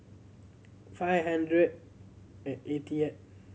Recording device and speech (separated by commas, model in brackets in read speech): mobile phone (Samsung C7100), read sentence